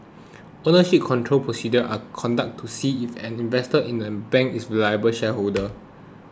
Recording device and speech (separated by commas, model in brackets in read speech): close-talking microphone (WH20), read sentence